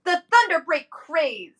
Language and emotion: English, angry